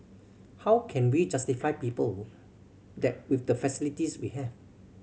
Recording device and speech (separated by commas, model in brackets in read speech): mobile phone (Samsung C7100), read sentence